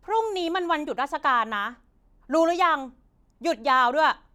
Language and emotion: Thai, angry